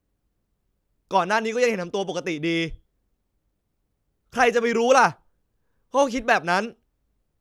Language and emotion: Thai, angry